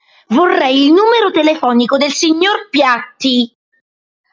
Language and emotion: Italian, angry